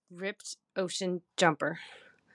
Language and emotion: English, disgusted